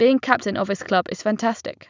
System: none